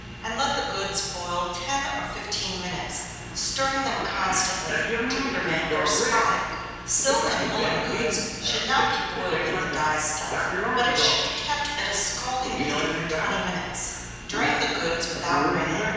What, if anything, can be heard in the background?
A television.